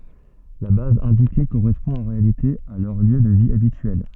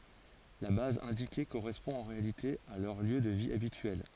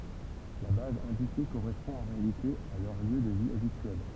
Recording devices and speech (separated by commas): soft in-ear microphone, forehead accelerometer, temple vibration pickup, read sentence